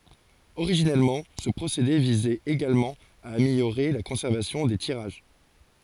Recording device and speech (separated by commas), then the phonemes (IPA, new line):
forehead accelerometer, read sentence
oʁiʒinɛlmɑ̃ sə pʁosede vizɛt eɡalmɑ̃ a ameljoʁe la kɔ̃sɛʁvasjɔ̃ de tiʁaʒ